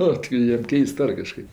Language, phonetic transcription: Lithuanian, ˈnu ti ˈjiem ˈkeist ˈar kaˈžkaip

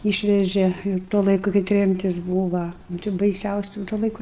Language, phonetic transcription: Lithuanian, ˈyšvežė ir ˈtuo ˈlaiku kai ˈtremtis ˈbūva nu ˈčia baiˈsiausiu tuo laiˈku

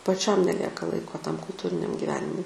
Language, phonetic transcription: Lithuanian, paˈčiam neˈlieka ˈlaiko tam kulˈtūriniam giˈvenimui

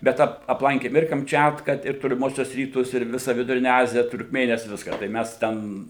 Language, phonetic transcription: Lithuanian, bet ˈap apˈlankėm ir kamˈčiatka ir toliˈmuosiuos ˈrytus ir ˈvisa viduˈrine ˈazija turkˈmėnijas ˈviską tai ˈmæs ˈten

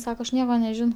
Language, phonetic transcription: Lithuanian, ˈsako aš ˈnieko neˈžinau

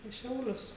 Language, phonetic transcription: Lithuanian, į ˈšiaulius

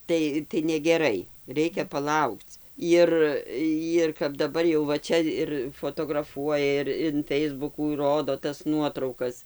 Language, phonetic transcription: Lithuanian, ˈtai tai negeˈrai ˈreikia paˈlaukc ˈir jir kap daˈbar jau va ˈčia ir fotograˈfuoja ir in ˈfeisbukų ˈrodo tas ˈnuotraukas

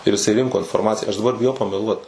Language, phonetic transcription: Lithuanian, ir iˈsai ˈrinko inforˈmaciją aš daˈbar biˈjau pameˈluot

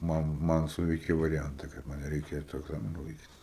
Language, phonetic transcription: Lithuanian, ˈman ˈman ˈsuveiki variˈjanta kad ˈman nereiˈkėtu egˈzaminu laiˈkyt

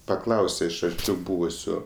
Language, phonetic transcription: Lithuanian, paˈklause iš arˈčiau ˈbūvusiu

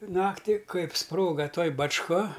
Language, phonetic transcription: Lithuanian, ˈnakti ˈkaip ˈsproga ˈtoj bačˈka

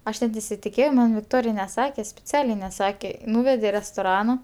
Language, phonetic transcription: Lithuanian, ˈaš net nesitiˈkėjau man vikˈtorij neˈsake spiˈcialiai neˈsake ˈnūvede i restoˈrano

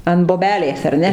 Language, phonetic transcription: Lithuanian, an boˈbelės ar ˈne

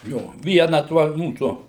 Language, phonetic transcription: Lithuanian, ˈjo ˈviena tuo ˈmūsu

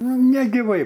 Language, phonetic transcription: Lithuanian, nu negiˈvai

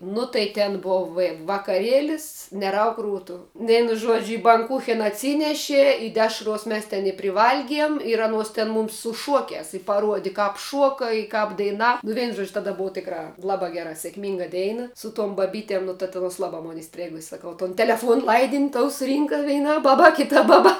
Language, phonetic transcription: Lithuanian, nu tai ˈten ˈbov va vakaˈrėlis neˈrauk ˈrūtu ˈvėnu ˈžuodžiu i banˈkūchena atˈsyneši i ˈdešruos ˈmes ten i priˈvalgiem ir ˈanuos ten ˈmums su ˈšuokiās i paˈruodi ˈkāp ˈšuoka i kāp daiˈna nu ˈveinu ˈžodž ˈtada ˈbuva ˈtikrā ˈlabā ˈgera sėkˈmynga ˈdeina su tuom baˈbytem ˈnu ta tu aˈnuos ˈlabā ˈmon iˈstrėgusės saˈkau ton teleˈfuon ˈlaidin' toˈjau suˈrynka ˈveina ˈbaba ˈkita ˈbaba

